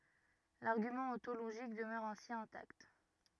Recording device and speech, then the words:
rigid in-ear microphone, read sentence
L'argument ontologique demeure ainsi intact.

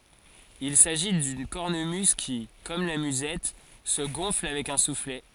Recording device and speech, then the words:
forehead accelerometer, read sentence
Il s’agit d’une cornemuse qui, comme la musette, se gonfle avec un soufflet.

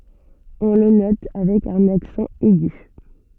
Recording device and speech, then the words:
soft in-ear microphone, read sentence
On le note avec un accent aigu.

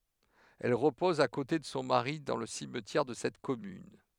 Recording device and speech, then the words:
headset microphone, read sentence
Elle repose à côté de son mari dans le cimetière de cette commune.

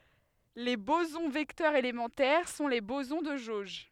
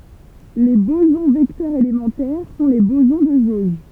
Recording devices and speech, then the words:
headset microphone, temple vibration pickup, read sentence
Les bosons vecteurs élémentaires sont les bosons de jauge.

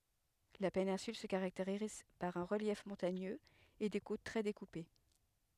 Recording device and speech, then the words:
headset microphone, read sentence
La péninsule se caractérise par un relief montagneux et des côtes très découpées.

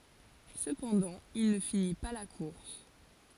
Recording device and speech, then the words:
forehead accelerometer, read sentence
Cependant, il ne finit pas la course.

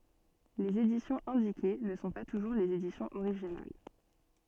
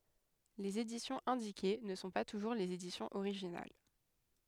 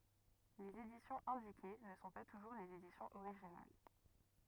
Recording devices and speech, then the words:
soft in-ear microphone, headset microphone, rigid in-ear microphone, read sentence
Les éditions indiquées ne sont pas toujours les éditions originales.

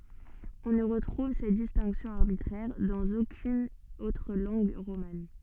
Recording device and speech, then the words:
soft in-ear microphone, read sentence
On ne retrouve cette distinction arbitraire dans aucune autre langue romane.

